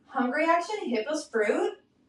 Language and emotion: English, disgusted